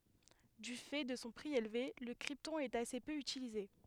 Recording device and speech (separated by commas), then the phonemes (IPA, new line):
headset microphone, read sentence
dy fɛ də sɔ̃ pʁi elve lə kʁiptɔ̃ ɛt ase pø ytilize